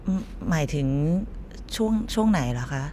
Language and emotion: Thai, neutral